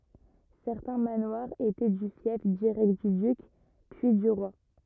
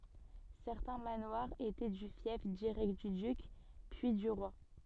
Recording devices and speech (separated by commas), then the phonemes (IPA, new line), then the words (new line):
rigid in-ear microphone, soft in-ear microphone, read sentence
sɛʁtɛ̃ manwaʁz etɛ dy fjɛf diʁɛkt dy dyk pyi dy ʁwa
Certains manoirs étaient du fief direct du duc, puis du roi.